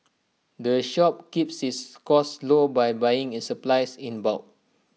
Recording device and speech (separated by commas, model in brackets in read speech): mobile phone (iPhone 6), read sentence